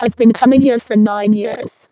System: VC, vocoder